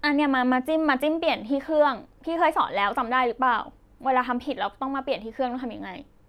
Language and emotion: Thai, frustrated